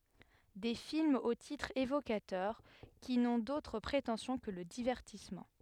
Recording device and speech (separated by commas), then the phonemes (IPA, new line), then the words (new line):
headset microphone, read sentence
de filmz o titʁz evokatœʁ ki nɔ̃ dotʁ pʁetɑ̃sjɔ̃ kə lə divɛʁtismɑ̃
Des films aux titres évocateurs qui n'ont d'autre prétention que le divertissement.